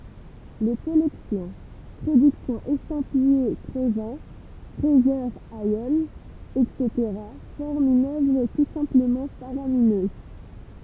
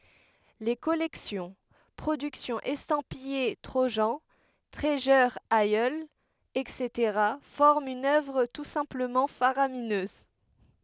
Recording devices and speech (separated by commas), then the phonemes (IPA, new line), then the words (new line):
temple vibration pickup, headset microphone, read sentence
le kɔlɛksjɔ̃ pʁodyksjɔ̃z ɛstɑ̃pije tʁoʒɑ̃ tʁizyʁ isl ɛtseteʁa fɔʁmt yn œvʁ tu sɛ̃pləmɑ̃ faʁaminøz
Les collections, productions estampillées Trojan, Treasure Isle, etc. forment une œuvre tout simplement faramineuse.